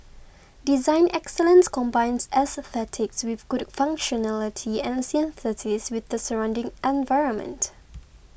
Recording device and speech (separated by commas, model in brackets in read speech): boundary microphone (BM630), read sentence